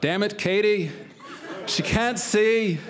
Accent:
in slight Irish accent